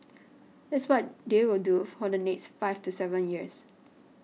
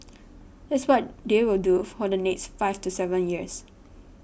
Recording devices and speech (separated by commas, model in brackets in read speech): mobile phone (iPhone 6), boundary microphone (BM630), read sentence